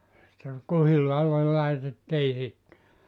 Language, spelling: Finnish, sitten kuhilaalle laitettiin sitten
- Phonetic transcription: sitter , 'kuhilaalle 'laitettii 'sitte .

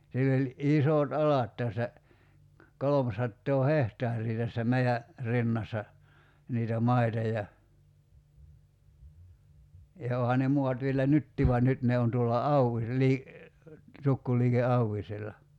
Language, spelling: Finnish, sillä oli isot alat tässä kolmesataa hehtaaria tässä meidän rinnassa niitä maita ja ja onhan ne maat vielä nytkin vaan nyt ne on tuolla - - tukkuliike Auvisella
- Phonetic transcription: 'sill ‿oĺ , "’isòt 'alat tässä , 'kolomsattoo "hehtaar̀ii tässä 'mei₍ä , 'rinnassa , niitä 'maita ja , ja 'ooha ne muat vielä "nyttii vuan 'nyt ne on tuolla 'Auwis- lii- , 'tukkuliike "Auwisella .

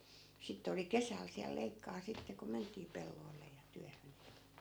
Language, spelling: Finnish, sitten oli kesällä siellä leikkaa sitten kun mentiin pelloille ja työhön
- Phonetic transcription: 'sitte oli "kesäl siäl 'leikkaa sitte ko 'ment̀ii 'pelloi̮lle ja 'tyähön .

